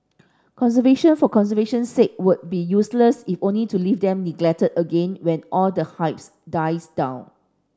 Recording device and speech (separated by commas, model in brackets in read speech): standing microphone (AKG C214), read sentence